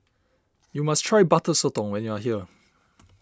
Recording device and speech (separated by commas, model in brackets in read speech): standing microphone (AKG C214), read sentence